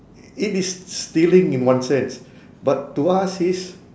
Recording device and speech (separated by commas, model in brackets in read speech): standing microphone, conversation in separate rooms